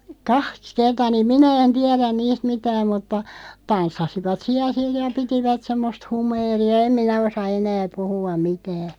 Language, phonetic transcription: Finnish, kah̳§ks 'kertaa niiᵐ "minä en 'tiɛrän 'niist "mitääᵐ mutta , "tanssasivat 'siäˡ "sij ja 'pitivät 'semmost 'humeeri₍a 'em minä 'osa 'enää "puhua mitää .
- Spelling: kaksi kertaa niin minä en tiedä niistä mitään mutta tanssivat siellä sitten ja pitivät semmoista humeeria en minä osaa enää puhua mitään

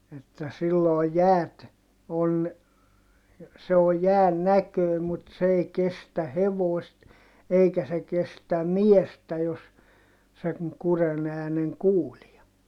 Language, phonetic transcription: Finnish, että sillooj jäät , on , se o jään näkö̀i̮ mut s ‿ei kestä hevòist , eikä se kestä miestä jos , seŋ kuren ‿ääneŋ kuulia .
- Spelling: että silloin jäät on se on jään näköinen mutta se ei kestä hevosta eikä se kestä miestä jos sen kurjen äänen kuulee

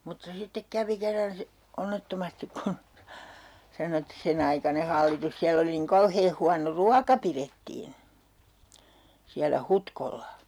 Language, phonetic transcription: Finnish, mutta sittek 'kävi 'kerran si- , "onnettomastik kun , 'sano et 'sen ‿aikane hallitus 'siäll ‿oli niŋ 'kauhee huano "ruaka pirettiin̬ , siällä 'Hutkolla .
- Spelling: mutta sitten kävi kerran - onnettomasti kun sanoi että sen aikainen hallitus siellä oli niin kauhean huono ruoka pidettiin siellä Hutkolla

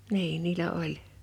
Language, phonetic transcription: Finnish, 'niin niilä 'oĺ .
- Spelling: niin niillä oli

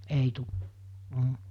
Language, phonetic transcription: Finnish, 'ei tu , m̥ .
- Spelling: ei tule mm

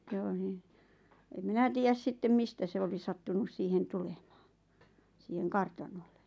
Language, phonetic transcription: Finnish, ʲ ᵒ ⁿⁱ , em 'minä tiijäs 'sittem 'mistä se oli 'sattunus siihen 'tulemᴀᴀ , siiheŋ "kartanolle .
- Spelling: ja - niin en minä tiedä sitten mistä se oli sattunut siihen tulemaan siihen kartanolle

